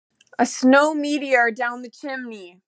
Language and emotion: English, sad